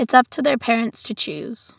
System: none